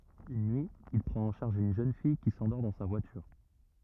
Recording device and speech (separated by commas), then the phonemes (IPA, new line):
rigid in-ear microphone, read sentence
yn nyi il pʁɑ̃t ɑ̃ ʃaʁʒ yn ʒøn fij ki sɑ̃dɔʁ dɑ̃ sa vwatyʁ